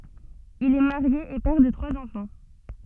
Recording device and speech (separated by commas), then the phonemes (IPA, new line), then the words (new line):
soft in-ear microphone, read sentence
il ɛ maʁje e pɛʁ də tʁwaz ɑ̃fɑ̃
Il est marié et père de trois enfants.